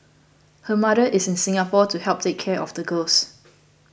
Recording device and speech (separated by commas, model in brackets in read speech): boundary microphone (BM630), read sentence